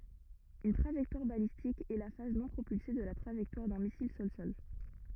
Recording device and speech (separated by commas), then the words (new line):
rigid in-ear microphone, read sentence
Une trajectoire balistique est la phase non propulsée de la trajectoire d'un missile sol-sol.